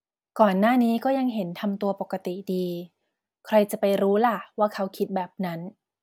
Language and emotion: Thai, neutral